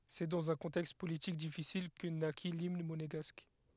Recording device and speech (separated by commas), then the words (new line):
headset microphone, read sentence
C'est dans un contexte politique difficile que naquit l'Hymne Monégasque.